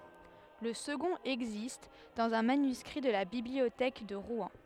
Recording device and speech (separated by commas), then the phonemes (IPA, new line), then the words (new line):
headset microphone, read sentence
lə səɡɔ̃t ɛɡzist dɑ̃z œ̃ manyskʁi də la bibliotɛk də ʁwɛ̃
Le second existe dans un manuscrit de la Bibliothèque de Rouen.